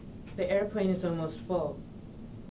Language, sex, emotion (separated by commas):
English, female, neutral